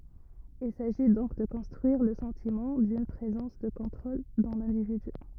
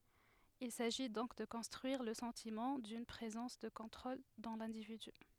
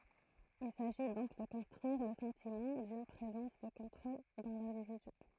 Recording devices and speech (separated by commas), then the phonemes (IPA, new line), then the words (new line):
rigid in-ear microphone, headset microphone, throat microphone, read sentence
il saʒi dɔ̃k də kɔ̃stʁyiʁ lə sɑ̃timɑ̃ dyn pʁezɑ̃s də kɔ̃tʁol dɑ̃ lɛ̃dividy
Il s'agit donc de construire le sentiment d'une présence de contrôle dans l’individu.